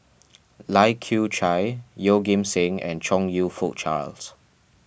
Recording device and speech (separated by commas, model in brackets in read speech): boundary microphone (BM630), read sentence